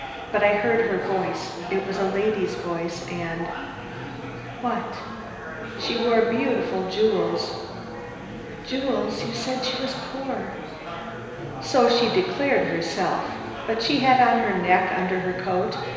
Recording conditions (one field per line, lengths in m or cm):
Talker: one person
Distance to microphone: 1.7 m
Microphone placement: close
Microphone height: 1.0 m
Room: very reverberant, large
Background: babble